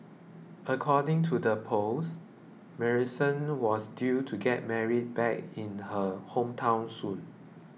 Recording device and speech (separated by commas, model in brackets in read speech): mobile phone (iPhone 6), read sentence